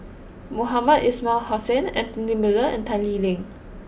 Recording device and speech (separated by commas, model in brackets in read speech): boundary microphone (BM630), read sentence